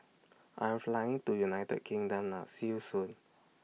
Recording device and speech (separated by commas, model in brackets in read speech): mobile phone (iPhone 6), read sentence